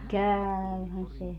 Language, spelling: Finnish, käyhän se
- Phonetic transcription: "kääyhän 'se .

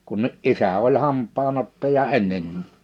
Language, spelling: Finnish, kun isä oli hampaan ottaja ennen
- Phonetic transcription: kun , '’isä oĺ 'hamp̆paan ‿ottaja "enneń̳ .

